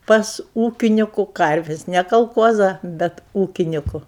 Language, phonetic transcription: Lithuanian, pas ˈūkiniku ˈkarvis' ne kalˈkuoza bet ˈūkiniku

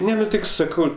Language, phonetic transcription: Lithuanian, ˈne nu ˈtik saˈkau

